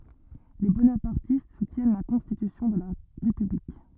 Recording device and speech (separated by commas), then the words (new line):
rigid in-ear microphone, read sentence
Les bonapartistes soutiennent la constitution de la République.